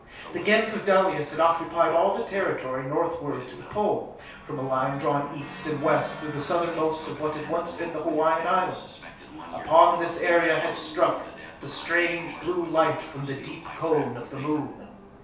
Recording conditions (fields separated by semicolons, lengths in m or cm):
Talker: one person; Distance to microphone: 3.0 m; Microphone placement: far; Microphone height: 1.8 m; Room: small (3.7 m by 2.7 m); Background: television